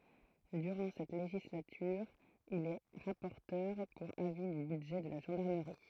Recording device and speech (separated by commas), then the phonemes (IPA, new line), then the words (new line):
throat microphone, read sentence
dyʁɑ̃ sɛt leʒislatyʁ il ɛ ʁapɔʁtœʁ puʁ avi dy bydʒɛ də la ʒɑ̃daʁməʁi
Durant cette législature, il est rapporteur pour avis du budget de la gendarmerie.